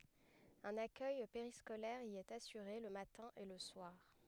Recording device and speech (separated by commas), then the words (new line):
headset microphone, read sentence
Un accueil périscolaire y est assuré le matin et le soir.